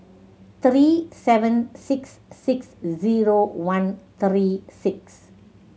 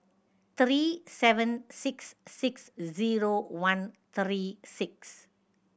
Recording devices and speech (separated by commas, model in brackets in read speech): mobile phone (Samsung C7100), boundary microphone (BM630), read sentence